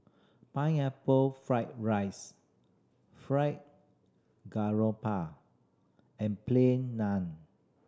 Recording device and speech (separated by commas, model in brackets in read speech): standing microphone (AKG C214), read sentence